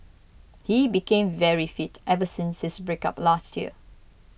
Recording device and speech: boundary microphone (BM630), read sentence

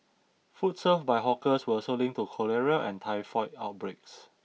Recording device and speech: mobile phone (iPhone 6), read sentence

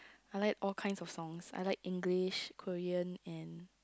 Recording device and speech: close-talking microphone, conversation in the same room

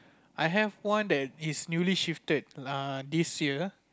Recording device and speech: close-talking microphone, conversation in the same room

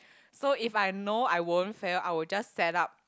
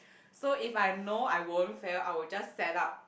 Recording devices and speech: close-talking microphone, boundary microphone, conversation in the same room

